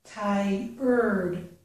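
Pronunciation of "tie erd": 'Tired' is said as 'tie' followed by 'erd', with an er sound after 'tie', not as 'tie red'.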